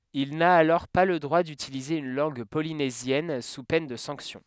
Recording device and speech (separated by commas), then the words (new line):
headset microphone, read sentence
Il n'a alors pas le droit d'utiliser une langue polynésienne sous peine de sanction.